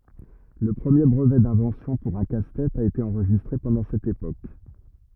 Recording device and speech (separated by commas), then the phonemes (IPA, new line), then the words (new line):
rigid in-ear microphone, read sentence
lə pʁəmje bʁəvɛ dɛ̃vɑ̃sjɔ̃ puʁ œ̃ kastɛt a ete ɑ̃ʁʒistʁe pɑ̃dɑ̃ sɛt epok
Le premier brevet d'invention pour un casse-tête a été enregistré pendant cette époque.